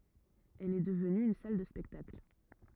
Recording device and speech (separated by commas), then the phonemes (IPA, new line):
rigid in-ear microphone, read sentence
ɛl ɛ dəvny yn sal də spɛktakl